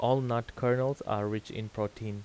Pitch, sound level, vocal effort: 110 Hz, 85 dB SPL, normal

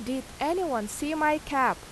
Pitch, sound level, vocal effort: 270 Hz, 86 dB SPL, loud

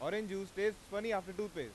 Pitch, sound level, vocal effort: 205 Hz, 98 dB SPL, loud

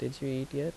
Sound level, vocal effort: 78 dB SPL, soft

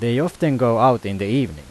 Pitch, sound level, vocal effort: 125 Hz, 90 dB SPL, loud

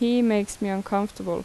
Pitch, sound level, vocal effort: 210 Hz, 82 dB SPL, normal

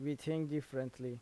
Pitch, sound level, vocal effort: 145 Hz, 82 dB SPL, normal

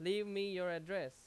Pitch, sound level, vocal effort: 195 Hz, 92 dB SPL, very loud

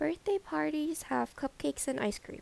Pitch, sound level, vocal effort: 275 Hz, 80 dB SPL, soft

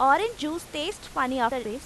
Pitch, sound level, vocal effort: 265 Hz, 94 dB SPL, loud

